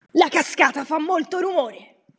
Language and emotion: Italian, angry